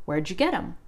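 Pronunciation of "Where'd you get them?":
'Where did you' is reduced to 'where'd you', and 'them' is barely said at all.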